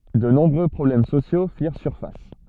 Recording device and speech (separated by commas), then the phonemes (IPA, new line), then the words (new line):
soft in-ear microphone, read sentence
də nɔ̃bʁø pʁɔblɛm sosjo fiʁ syʁfas
De nombreux problèmes sociaux firent surface.